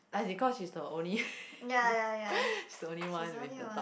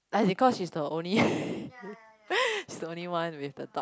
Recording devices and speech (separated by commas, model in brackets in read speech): boundary microphone, close-talking microphone, conversation in the same room